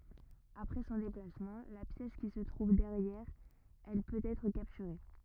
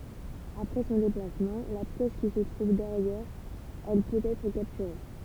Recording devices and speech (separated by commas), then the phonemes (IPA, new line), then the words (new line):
rigid in-ear microphone, temple vibration pickup, read sentence
apʁɛ sɔ̃ deplasmɑ̃ la pjɛs ki sə tʁuv dɛʁjɛʁ ɛl pøt ɛtʁ kaptyʁe
Après son déplacement, la pièce qui se trouve derrière elle peut être capturée.